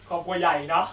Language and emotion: Thai, frustrated